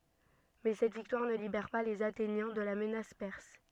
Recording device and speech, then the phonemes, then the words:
soft in-ear microphone, read sentence
mɛ sɛt viktwaʁ nə libɛʁ pa lez atenjɛ̃ də la mənas pɛʁs
Mais cette victoire ne libère pas les Athéniens de la menace perse.

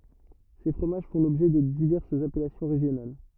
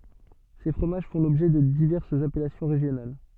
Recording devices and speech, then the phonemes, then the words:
rigid in-ear microphone, soft in-ear microphone, read sentence
se fʁomaʒ fɔ̃ lɔbʒɛ də divɛʁsz apɛlasjɔ̃ ʁeʒjonal
Ces fromages font l'objet de diverses appellations régionales.

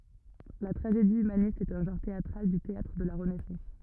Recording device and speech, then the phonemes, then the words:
rigid in-ear microphone, read sentence
la tʁaʒedi ymanist ɛt œ̃ ʒɑ̃ʁ teatʁal dy teatʁ də la ʁənɛsɑ̃s
La tragédie humaniste est un genre théâtral du théâtre de la Renaissance.

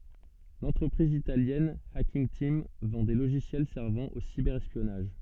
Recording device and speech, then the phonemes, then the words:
soft in-ear microphone, read sentence
lɑ̃tʁəpʁiz italjɛn akinɡ tim vɑ̃ de loʒisjɛl sɛʁvɑ̃ o sibɛʁ ɛspjɔnaʒ
L’entreprise italienne Hacking Team vend des logiciels servant au cyber-espionnage.

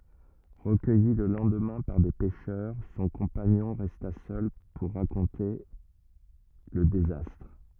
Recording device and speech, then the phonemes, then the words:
rigid in-ear microphone, read sentence
ʁəkœji lə lɑ̃dmɛ̃ paʁ de pɛʃœʁ sɔ̃ kɔ̃paɲɔ̃ ʁɛsta sœl puʁ ʁakɔ̃te lə dezastʁ
Recueilli le lendemain par des pêcheurs, son compagnon resta seul pour raconter le désastre.

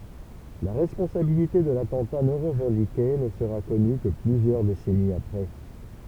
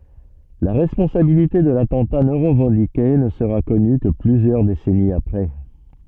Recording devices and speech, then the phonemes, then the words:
temple vibration pickup, soft in-ear microphone, read sentence
la ʁɛspɔ̃sabilite də latɑ̃ta nɔ̃ ʁəvɑ̃dike nə səʁa kɔny kə plyzjœʁ desɛniz apʁɛ
La responsabilité de l'attentat non revendiqué ne sera connue que plusieurs décennies après.

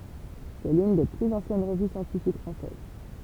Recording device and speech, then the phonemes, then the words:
temple vibration pickup, read sentence
sɛ lyn de plyz ɑ̃sjɛn ʁəvy sjɑ̃tifik fʁɑ̃sɛz
C'est l'une des plus anciennes revues scientifiques françaises.

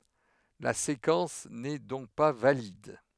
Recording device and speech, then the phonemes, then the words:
headset microphone, read sentence
la sekɑ̃s nɛ dɔ̃k pa valid
La séquence n’est donc pas valide.

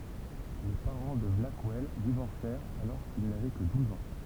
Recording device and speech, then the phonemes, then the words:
temple vibration pickup, read sentence
le paʁɑ̃ də blakwɛl divɔʁsɛʁt alɔʁ kil navɛ kə duz ɑ̃
Les parents de Blackwell divorcèrent alors qu'il n'avait que douze ans.

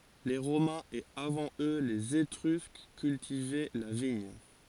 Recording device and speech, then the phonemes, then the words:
forehead accelerometer, read sentence
le ʁomɛ̃z e avɑ̃ ø lez etʁysk kyltivɛ la viɲ
Les Romains et avant eux les Étrusques cultivaient la vigne.

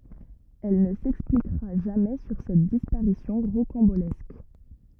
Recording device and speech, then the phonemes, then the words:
rigid in-ear microphone, read sentence
ɛl nə sɛksplikʁa ʒamɛ syʁ sɛt dispaʁisjɔ̃ ʁokɑ̃bolɛsk
Elle ne s'expliquera jamais sur cette disparition rocambolesque.

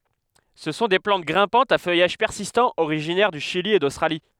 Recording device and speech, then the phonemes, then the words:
headset microphone, read sentence
sə sɔ̃ de plɑ̃t ɡʁɛ̃pɑ̃tz a fœjaʒ pɛʁsistɑ̃ oʁiʒinɛʁ dy ʃili e dostʁali
Ce sont des plantes grimpantes à feuillage persistant originaires du Chili et d'Australie.

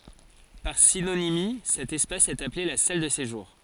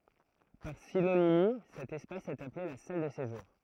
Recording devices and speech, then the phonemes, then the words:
forehead accelerometer, throat microphone, read sentence
paʁ sinonimi sɛt ɛspas ɛt aple la sal də seʒuʁ
Par synonymie, cet espace est appelé la salle de séjour.

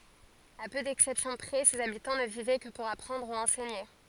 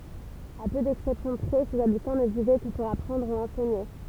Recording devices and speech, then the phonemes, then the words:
forehead accelerometer, temple vibration pickup, read sentence
a pø dɛksɛpsjɔ̃ pʁɛ sez abitɑ̃ nə vivɛ kə puʁ apʁɑ̃dʁ u ɑ̃sɛɲe
À peu d'exceptions près, ses habitants ne vivaient que pour apprendre ou enseigner.

